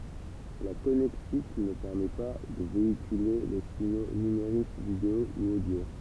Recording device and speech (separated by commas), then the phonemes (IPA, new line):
temple vibration pickup, read sentence
la kɔnɛktik nə pɛʁmɛ pa də veikyle le siɲo nymeʁik video u odjo